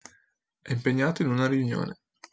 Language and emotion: Italian, neutral